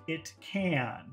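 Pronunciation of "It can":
'It can' is said slowly and carefully here, not in the very short form heard in conversation.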